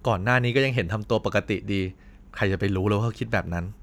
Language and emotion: Thai, frustrated